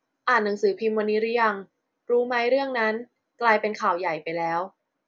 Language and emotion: Thai, neutral